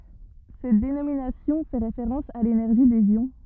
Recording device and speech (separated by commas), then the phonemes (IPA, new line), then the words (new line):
rigid in-ear microphone, read sentence
sɛt denominasjɔ̃ fɛ ʁefeʁɑ̃s a lenɛʁʒi dez jɔ̃
Cette dénomination fait référence à l'énergie des ions.